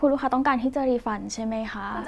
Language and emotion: Thai, neutral